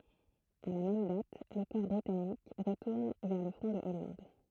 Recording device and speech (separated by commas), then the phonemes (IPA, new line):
throat microphone, read sentence
a la mɛm dat lə kɔʁ bʁitanik ʁətuʁn vɛʁ lə fʁɔ̃ də ɔlɑ̃d